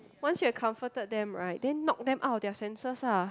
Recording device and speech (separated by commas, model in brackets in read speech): close-talking microphone, conversation in the same room